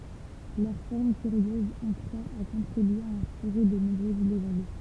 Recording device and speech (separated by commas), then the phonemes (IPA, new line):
temple vibration pickup, read sentence
lœʁ fɔʁm kyʁjøz ɑ̃ kʁwa a kɔ̃tʁibye a ɛ̃spiʁe də nɔ̃bʁøz leʒɑ̃d